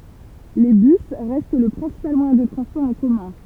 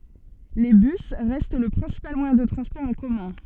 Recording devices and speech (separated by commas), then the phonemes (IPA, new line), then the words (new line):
temple vibration pickup, soft in-ear microphone, read sentence
le bys ʁɛst lə pʁɛ̃sipal mwajɛ̃ də tʁɑ̃spɔʁ ɑ̃ kɔmœ̃
Les bus restent le principal moyen de transport en commun.